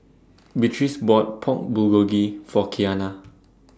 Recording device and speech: standing microphone (AKG C214), read sentence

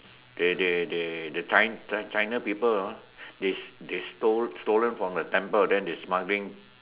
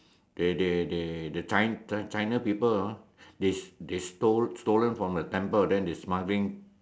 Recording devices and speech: telephone, standing microphone, conversation in separate rooms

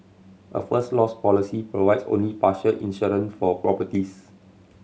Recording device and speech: mobile phone (Samsung C7100), read sentence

